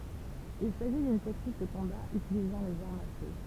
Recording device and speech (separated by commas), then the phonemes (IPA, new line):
temple vibration pickup, read sentence
il saʒi dyn tɛknik də kɔ̃ba ytilizɑ̃ lez aʁmz a fø